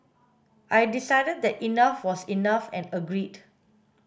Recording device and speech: boundary microphone (BM630), read sentence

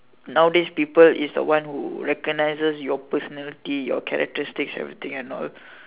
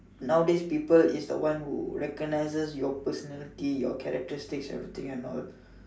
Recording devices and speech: telephone, standing microphone, conversation in separate rooms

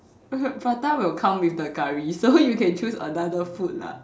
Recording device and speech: standing microphone, conversation in separate rooms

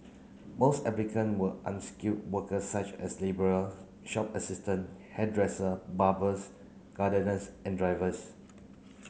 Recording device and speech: mobile phone (Samsung C9), read sentence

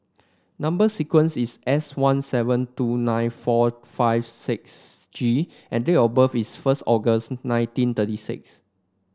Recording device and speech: standing microphone (AKG C214), read sentence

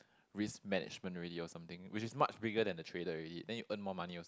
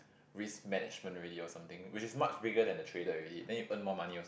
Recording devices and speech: close-talking microphone, boundary microphone, conversation in the same room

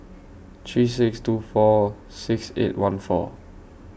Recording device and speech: boundary microphone (BM630), read sentence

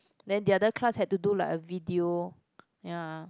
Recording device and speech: close-talking microphone, conversation in the same room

